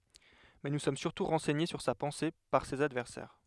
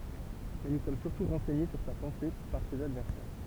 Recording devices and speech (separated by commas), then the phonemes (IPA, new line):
headset microphone, temple vibration pickup, read sentence
mɛ nu sɔm syʁtu ʁɑ̃sɛɲe syʁ sa pɑ̃se paʁ sez advɛʁsɛʁ